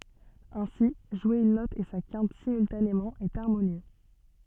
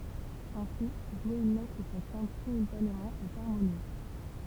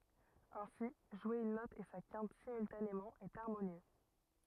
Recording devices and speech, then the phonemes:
soft in-ear microphone, temple vibration pickup, rigid in-ear microphone, read sentence
ɛ̃si ʒwe yn nɔt e sa kɛ̃t simyltanemɑ̃ ɛt aʁmonjø

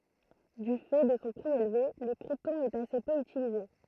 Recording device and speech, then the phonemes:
throat microphone, read sentence
dy fɛ də sɔ̃ pʁi elve lə kʁiptɔ̃ ɛt ase pø ytilize

